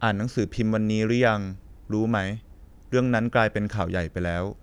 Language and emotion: Thai, neutral